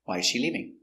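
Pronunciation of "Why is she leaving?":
In 'Why is she leaving?', the stress falls on 'why', and the voice goes down at the end.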